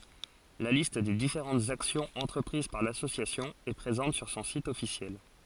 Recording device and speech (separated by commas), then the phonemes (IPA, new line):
forehead accelerometer, read sentence
la list de difeʁɑ̃tz aksjɔ̃z ɑ̃tʁəpʁiz paʁ lasosjasjɔ̃ ɛ pʁezɑ̃t syʁ sɔ̃ sit ɔfisjɛl